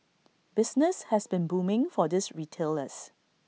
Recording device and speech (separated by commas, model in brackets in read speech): mobile phone (iPhone 6), read sentence